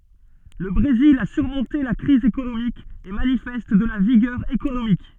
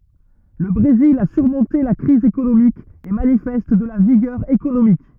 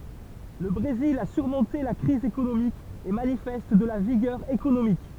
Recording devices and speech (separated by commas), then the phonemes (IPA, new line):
soft in-ear microphone, rigid in-ear microphone, temple vibration pickup, read sentence
lə bʁezil a syʁmɔ̃te la kʁiz ekonomik e manifɛst də la viɡœʁ ekonomik